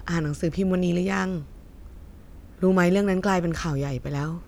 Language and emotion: Thai, neutral